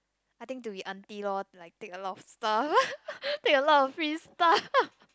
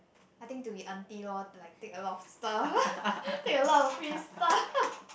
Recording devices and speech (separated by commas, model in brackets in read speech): close-talking microphone, boundary microphone, conversation in the same room